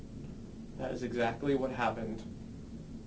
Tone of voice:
neutral